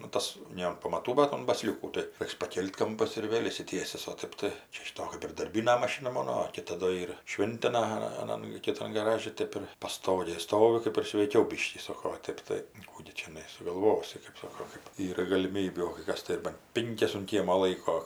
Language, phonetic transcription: Lithuanian, nu ˈtas ˈne an pamaˈtų bat un baˈsliūkų tai ˈreiks paˈkėl't' ˈkampas ir ˈvėl' išsiˈtiesis o ˈtɜp tai ˈčia šiˈto kɜp ir darˈbyna maˈšina ˈmono o ˈkita do ˈyr ˈšvintina aˈnan kiˈtan gaˈraži ˈtėp ir paˈstogėj ˈstovi ˈkɜp ir sveiˈkiau ˈbiškį ˈsoko o ˈtėp tai ˈkų gi čiaˈnai sugalˈvosi kɜp ˈsoko kɜp ˈyra galiˈmybių o kai ˈkas tai ir ban ˈpinkias un ˈkiemo ˈlaiko

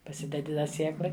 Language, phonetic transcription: Lithuanian, paˈsidedi da ˈsieklai

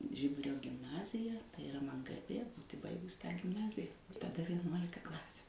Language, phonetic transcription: Lithuanian, ˈžiburio gimˈnazija tai iˈra man garˈbė ˈbūti ˈbaigus tą gimˈnazija taˈda vieˈnuolika ˈklasių

